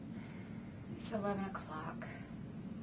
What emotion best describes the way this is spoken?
sad